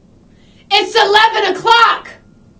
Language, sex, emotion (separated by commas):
English, female, angry